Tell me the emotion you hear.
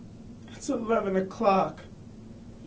sad